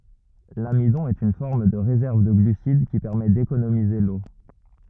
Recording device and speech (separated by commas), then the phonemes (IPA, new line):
rigid in-ear microphone, read sentence
lamidɔ̃ ɛt yn fɔʁm də ʁezɛʁv də ɡlysid ki pɛʁmɛ dekonomize lo